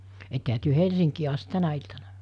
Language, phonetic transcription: Finnish, ettehä työ 'Helsiŋkii ast 'tänä iltana , ?
- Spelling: ettehän te Helsinkiin asti tänä iltana

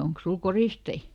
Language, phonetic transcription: Finnish, » ˈoŋks ˈsul "koristei ? »
- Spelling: onkos sinulla koristeita

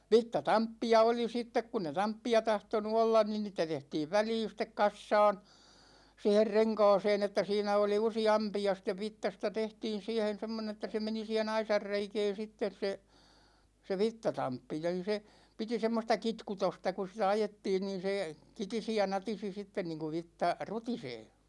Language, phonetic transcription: Finnish, 'vitta"tamppi₍a 'oli 'sittek kunn ‿e "tamppi₍a 'tahtonu 'ollan nin 'niitä 'tehtiiv "väliin̬ sĭt̆tek 'kassaan , 'siiher "reŋkaaseen ‿että 'siinä oli usi₍'ampi₍a sĭt̆tev "vittasta 'tehtiin̬ 'siihen̬ 'semmone(n) ‿että se 'meni siihe"n ‿aisar 'reikɛɛn̬ 'sittes se , se "vittatamppi (ja nin se) , 'piti 'semmosta "kitkutosta ku sitä 'ajettiin niin̬ se , "kitisi ja "natisi sitten niiŋku 'vitta , "rutisee .
- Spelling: vitsatamppeja oli sitten kun ei tamppeja tahtonut olla niin niitä tehtiin väliin sitten kasaan siihen renkaaseen että siinä oli useampia sitten vitsasta tehtiin siihen semmoinen että se meni siihen aisan reikään sitten se se vitsatamppi ja niin se piti semmoista kitkutusta kun sitä ajettiin niin se kitisi ja natisi sitten niin kuin vitsa rutisee

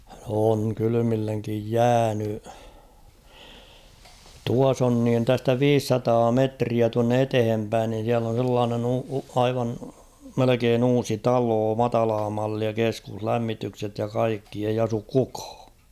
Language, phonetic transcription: Finnish, on̳ 'kylymilleŋkij "jääny ; 'tuas ‿on niin 'tästä "viissataa 'metriä tuanne 'etehem päin niin̬ siäl ‿on̬ sellaanen ‿uu- 'aivan , 'melekeen ‿'uusi "taloo "matalaa 'mallia 'keskuh"lämmitykset ja "kaikki ei asuk 'kukᴀᴀ .
- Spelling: on kylmilleen jäänyt tuossa on niin tästä viisisataa metriä tuonne eteen päin niin siellä on sellainen - aivan melkein uusi talo matalaa mallia keskuslämmitykset ja kaikki ei asu kukaan

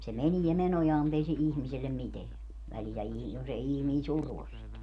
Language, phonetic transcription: Finnish, se "menie 'menojaam mu't ‿ei se 'ihmisellem "miteän , 'välijä ii- , jos ‿ei 'ihmii "survos sit .
- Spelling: se menee menojaan mutta ei se ihmiselle mitään väliä - jos ei ihminen survo sitä

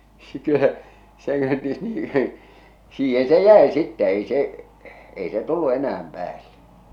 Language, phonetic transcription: Finnish, (se kö se kö) nii , 'siihe se "jä̀e sittɛ 'ei 'se’ , 'ei 'se 'tullu "enä₍äm 'päälle .
- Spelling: se kun se kun niin siihen se jäi sitten ei se ei se tullut enää päälle

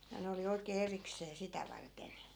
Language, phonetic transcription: Finnish, ja 'ne oli oikee 'eriksee 'sitä varten .
- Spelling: ja ne oli oikein erikseen sitä varten

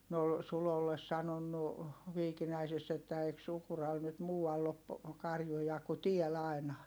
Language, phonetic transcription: Finnish, ne ol , Sulolles sanonnu , Viikinäisess ‿että » eik Sukural nyt muu₍all ‿op , karjuja ku tiäl ‿ai̮na .
- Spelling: ne oli Sulolle sanonut Viikinäisessä että eikö Sukuralla nyt muualla ole karjuja kuin täällä aina

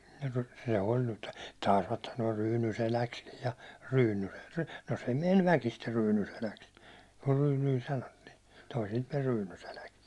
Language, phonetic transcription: Finnish, se oĺ nyt , 'tàisvat sano₍a "Ryyny'seläkskij ja 'Ryynyseks , no se meń "väkister 'Ryynyseläks , kur 'Ryynyi sanottii , toisilt men 'Ryynyseläks .
- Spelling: se oli nyt taisivat sanoa Ryynyseläksi ja Ryynyseksi no se meni väkisin Ryynyseläksi kun Ryyny sanottiin toisilta meni Ryynyseläksi

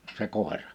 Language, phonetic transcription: Finnish, se 'kòera .
- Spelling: se koira

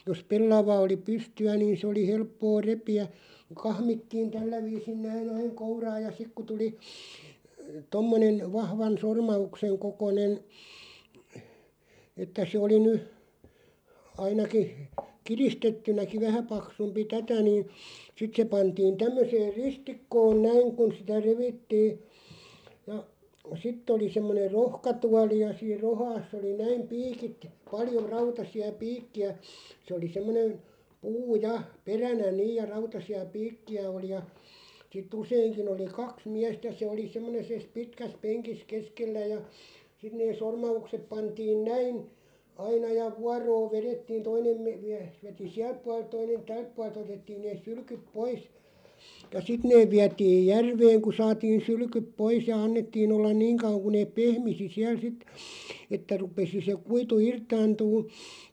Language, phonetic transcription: Finnish, jos "pellava oli 'pysty₍ä niin̬ s ‿oli "helppoo "repi₍ä , 'kahmittiin "tällä viisin 'näin ‿aiŋ "kouraaj ja 'sik ku tuli , 'tommonen , 'vahvan "sorma₍ukseŋ 'kokonen , että se oli 'ny , 'ainaki , 'kiristettynäki "vähä 'paksumpi "tätä niin̬ , 'sit se 'pantiin 'tämmöseeʳ "ristikkoon 'näiŋ kun sitä 'revittii , ja , 'sitt ‿oli 'semmoneʳ "rohka'tuali ja 'siir "rohaass ‿oli 'näim "piikit , 'paljo 'rautasi₍a "piikki₍ä , se oli 'semmonen̬ , 'puu "ja , 'peränä "niiʲ ja 'rautasi₍a "piikki₍ä oli ja , sit'ᵗ ‿useiŋkin ‿oli "kaks 'miästä se oli 'semmone- -ses 'pitkäs "peŋkis 'keskellä ja , 'sit nee 'sorma₍uksep 'pantiin "näin , "aina ja , 'vuaroo 'verettiin 'toinem me- 'miähˢ veti "siälᵖ puaˡᵉlt 'toinen "tälᵖ puaˡᵉl't ‿otettiin neeˢ 'sylkyᵖ "pois , ja "sit neeᵛ 'viätiij "järveeŋ ku 'saatiin̬ 'sylkyp "pois ja 'annettii'n ‿ollan "niiŋ kau(voŋ) ku neeᵖ "pehmisi 'siäl 'sit , että 'rupesi se 'kuitu "irtaantuun̬ ,.
- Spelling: jos pellava oli pystyä niin se oli helppoa repiä kahmittiin tällä viisin näin aina kouraan ja sitten kun tuli tuommoinen vahvan sormauksen kokoinen että se oli nyt ainakin kiristettynäkin vähän paksumpi tätä niin sitten se pantiin tämmöiseen ristikkoon näin kun sitä revittiin ja sitten oli semmoinen rohkatuoli ja siinä rohkassa oli näin piikit paljon rautaisia piikkejä se oli semmoinen puu ja peränä niin ja rautaisia piikkejä oli ja sitten useinkin oli kaksi miestä se oli - semmoisessa pitkässä penkissä keskellä ja sitten ne sormaukset pantiin näin aina ja vuoroa vedettiin toinen - mies veti sieltä puolelta toinen tältä puolelta otettiin ne sylkyt pois ja sitten ne vietiin järveen kun saatiin sylkyt pois ja annettiin olla niin kauan kuin ne pehmisi siellä sitten että rupesi se kuitu irtaantumaan

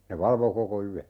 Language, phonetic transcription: Finnish, ne "valvo 'koko 'yä .
- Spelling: ne valvoi koko yön

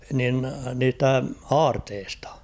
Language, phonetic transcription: Finnish, nin 'niistä "aarteestᴀ ?
- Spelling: niin niistä aarteista

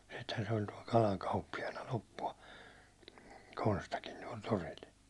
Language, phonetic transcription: Finnish, sitten se ‿oĺ tuål "kalaŋ 'kauppijana loppu₍a , 'Konstakin tuål 'toril .
- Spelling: sitten se oli tuolla kalan kauppiaana loppua Konstakin tuolla torilla

